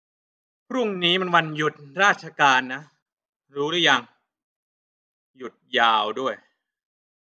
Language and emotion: Thai, frustrated